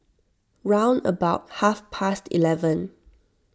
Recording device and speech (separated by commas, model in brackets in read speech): standing microphone (AKG C214), read sentence